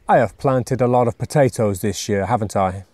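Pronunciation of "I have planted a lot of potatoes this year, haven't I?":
The voice falls on the tag 'haven't I', which makes it a request for agreement rather than a real question.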